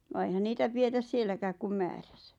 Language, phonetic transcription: Finnish, vaa eihän 'niitä 'pietäs "sielläkääk kum 'määʀᴀ̈sᴀ̈ .
- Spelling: vaan eihän niitä pidetä sielläkään kuin määränsä

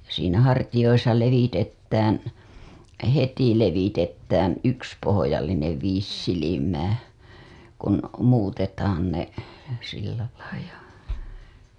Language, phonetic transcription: Finnish, siinä hartijoisa 'levitettään , "heti levitettään 'yks pohojallinev 'viis silimää , kun , muutetaan ne , sillälai ja .
- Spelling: siinä hartioissa levitetään heti levitetään yksi pohjallinen viisi silmää kun muutetaan ne sillä lailla ja

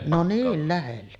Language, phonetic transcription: Finnish, no "niil 'lähelle .
- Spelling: no niin lähelle

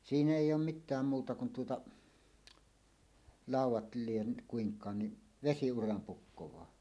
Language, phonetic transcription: Finnish, 'siinä "èij̆j ‿oom "mit̆tääm 'muuta kun tuota , "làuw̆wat lien̳ , 'kuiŋk̀aan ni , "vesi₍uram 'pukkowaa .
- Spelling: siinä ei olen mitään muuta kuin tuota laudat lie kuinkaan niin vesiuran pukkaa

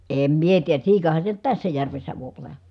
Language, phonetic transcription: Finnish, èm mie tiijä , siikahan se nyt tässä järvessä v̀oip ‿ol̀a .
- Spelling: en minä tiedä siikahan se nyt tässä järvessä voi olla

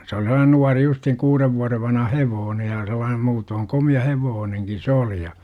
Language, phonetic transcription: Finnish, se oli sel̆laanen 'nuari justhiŋ 'kuurev vuarev vanha "hevoone ja sel̆laan - muutooŋ "komi₍a 'hevooneŋkin̬ 'se oli ja .
- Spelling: se oli sellainen nuori justiin kuuden vuoden vanha hevonen ja sellainen muuten komea hevonenkin se oli ja

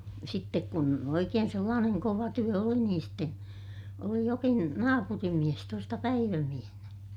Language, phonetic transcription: Finnish, sittek kun oikeen sellaaneŋ kova työ oli niin ste , oli jokin , naapurimmies tuosta päivämiehnä .
- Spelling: sitten kun oikein sellainen kova työ oli niin sitten oli jokin naapurinmies tuosta päivämiehenä

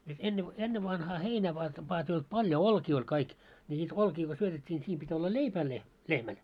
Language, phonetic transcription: Finnish, et 'enne- , 'ennevanhaa "heinä va vaa ‿[e]t ei olt 'paljo "olkii oĺ kaik , ńi niit 'olkii ko 'syötet́t́ii ńi 'siim pit́ olla "leipää le- , 'lehmäl .
- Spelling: että - ennen vanhaan heinää vain vain että ei ollut paljon olkia oli kaikki niin niitä olkia kun syötettiin niin siinä piti olla leipää - lehmälle

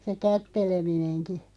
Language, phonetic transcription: Finnish, se 'kättelemineŋki .
- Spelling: se kätteleminenkin

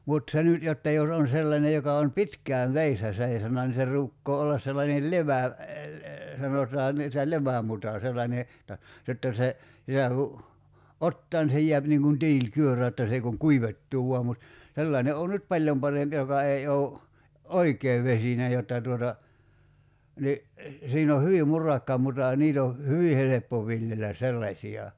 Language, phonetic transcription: Finnish, mut 'se nyt 'jotta jos ‿on 'sellane joka on "pitk̀ään̬ "veissä 'seisona ni se 'ruukkoo ollas sellanel "levä̀- , 'sanotaan̆ nii (että) "levämuta 'sellańe , [jot]ta , jotta se , 'sitä ku , "ottaa ni se 'jiäp niiŋ kun "tiil"kyörö jotta 's ‿ei kuŋ "kuivettuu 'vua mut , 'sellàene oo nyt "paĺjom 'paremp 'joka ei ou̬ , "oik̀ee 'vesine 'jotta tuota , ni , 'siin ‿o 'hyvi "murakka 'muta ja 'niit ‿o , 'hyvi 'heleppo 'viljelä "sellaśi₍a .
- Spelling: mutta se nyt jotta jos on sellainen joka on pitkään vedessä seisonut niin se ruukaa olla sellainen - sanotaan niin että levämuta sellainen jotta jotta se sitä kun ottaa niin se jää niin kuin tiilikyörö jotta se ei kuin kuivettuu vain mutta sellainen on nyt paljon parempi joka ei ole oikein vesinen jotta tuota niin siinä on hyvin murakka muta ja niitä on hyvin helppo viljellä sellaisia

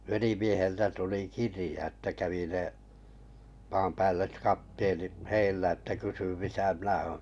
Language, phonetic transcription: Finnish, 'velimieheltä tuli "kirĭja että 'kävi 'ne , maampäälli(set) 'kapteenit "heillä että kysy 'misä "mnä̀ òn̬ .
- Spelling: velimieheltä tuli kirja että kävi ne maanpäälliset kapteenit heillä että kysyi missä minä olen

